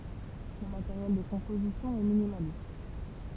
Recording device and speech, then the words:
temple vibration pickup, read sentence
Le matériel de composition est minimaliste.

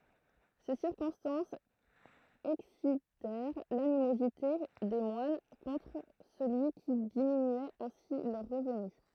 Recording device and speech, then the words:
throat microphone, read sentence
Ces circonstances excitèrent l'animosité des moines contre celui qui diminuait ainsi leurs revenus.

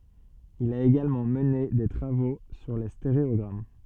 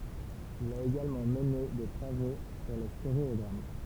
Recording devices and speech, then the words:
soft in-ear microphone, temple vibration pickup, read sentence
Il a également mené des travaux sur les stéréogrammes.

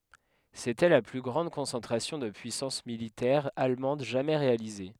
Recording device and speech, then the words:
headset microphone, read sentence
C'était la plus grande concentration de puissance militaire allemande jamais réalisée.

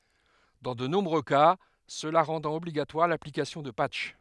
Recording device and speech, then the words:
headset microphone, read sentence
Dans de nombreux cas, cela rendant obligatoire l'application de patchs.

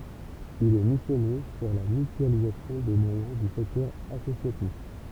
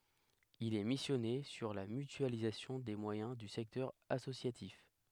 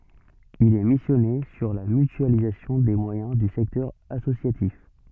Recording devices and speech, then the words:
temple vibration pickup, headset microphone, soft in-ear microphone, read sentence
Il est missionné sur la mutualisation des moyens du secteur associatif.

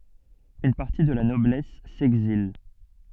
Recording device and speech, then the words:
soft in-ear microphone, read sentence
Une partie de la noblesse s'exile.

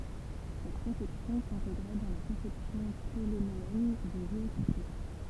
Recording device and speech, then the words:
temple vibration pickup, read sentence
Cette conception s'intégrait dans la conception ptoléméenne du géocentrisme.

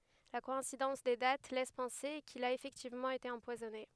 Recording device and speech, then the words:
headset microphone, read sentence
La coïncidence des dates laisse penser qu'il a effectivement été empoisonné.

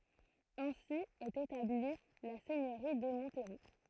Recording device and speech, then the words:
throat microphone, read sentence
Ainsi est établie la seigneurie de Montereau.

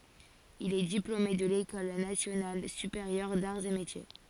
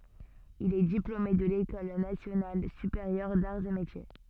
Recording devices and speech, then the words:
forehead accelerometer, soft in-ear microphone, read sentence
Il est diplômé de l'École nationale supérieure d'arts et métiers.

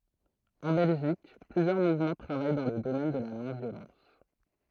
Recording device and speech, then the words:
throat microphone, read sentence
En Belgique, plusieurs mouvements travaillent dans le domaine de la non-violence.

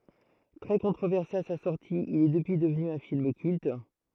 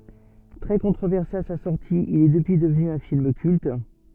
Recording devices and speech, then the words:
throat microphone, soft in-ear microphone, read sentence
Très controversé à sa sortie, il est depuis devenu un film culte.

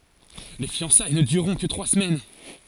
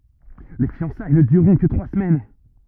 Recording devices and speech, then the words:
forehead accelerometer, rigid in-ear microphone, read sentence
Les fiançailles ne dureront que trois semaines.

